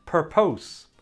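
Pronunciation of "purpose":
'Purpose' is pronounced incorrectly here.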